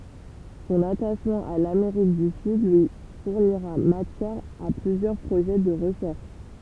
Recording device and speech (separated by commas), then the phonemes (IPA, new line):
temple vibration pickup, read sentence
sɔ̃n ataʃmɑ̃ a lameʁik dy syd lyi fuʁniʁa matjɛʁ a plyzjœʁ pʁoʒɛ də ʁəʃɛʁʃ